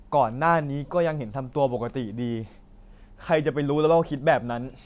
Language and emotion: Thai, frustrated